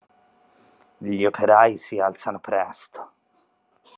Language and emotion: Italian, disgusted